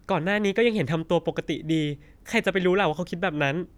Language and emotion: Thai, frustrated